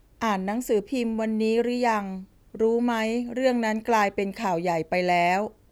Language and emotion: Thai, neutral